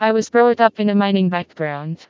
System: TTS, vocoder